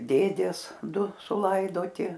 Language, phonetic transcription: Lithuanian, ˈdėdės ˈdu suˈlaidoti

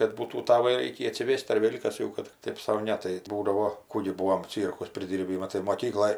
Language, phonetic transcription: Lithuanian, kad ˈbūtų ˈtavą ˈreikį atsiˈvėst ar ˈvėl' kas ˈjau kad tik ˈtėp sau ˈne tai ˈbūdavo ˈkų gi ˈbūom ˈcyrkus priˈdyrbį ˈmatai moˈkykloj

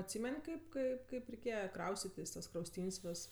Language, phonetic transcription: Lithuanian, atˈsymen' ˈkaip ˈkaip ˈkaip reiˈkėje ˈkraustitis tas krausˈtyn's' ˈves

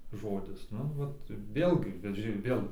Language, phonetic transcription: Lithuanian, ˈžodis ˈnu ˈvat ˈvėlgi bet ˈži ˈvėl

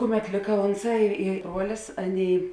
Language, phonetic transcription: Lithuanian, ˈkuˌmet ˈlika ˈonˌsā i i ˈbruolis ˈaˌnėi

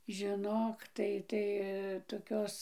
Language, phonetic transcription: Lithuanian, žiˈnok ˈtai tai toˈkios

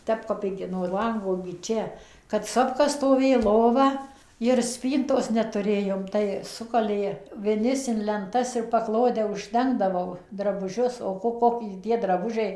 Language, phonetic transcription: Lithuanian, ˈtep kap ˈigi no ˈlango igi ˈčia kad ˈsopka stoˈvė ˈlova ir ˈspyntos netuˈrėjom tai ˈsukalė viˈnis in lenˈtas ir paˈklode užˈdengdavau drabuˈžius o ˈko ˈkoki tie draˈbužiai

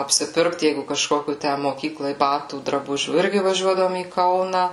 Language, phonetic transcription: Lithuanian, apsiˈpirkt ˈjeigu kažˈkokių ˈtæ moˈkyklai ˈbatų draˈbužių ˈirgi vaˈžiuodavom į ˈkauna

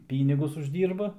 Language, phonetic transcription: Lithuanian, ˈpynigus užˈdyrba

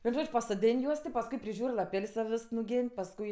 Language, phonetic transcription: Lithuanian, vien ˈžodž' pasoˈdėn' ˈjuos ti pasˈkui priˈžiūr' laˈpel's' ten ˈvės nuˈgen' pasˈkui

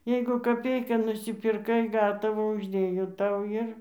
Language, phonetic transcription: Lithuanian, ˈjeigu kaˈpeiką nusipirˈkai ˈgatavą užˈdėjo ˈtau ˈir

